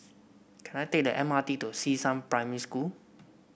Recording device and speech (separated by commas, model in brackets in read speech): boundary microphone (BM630), read sentence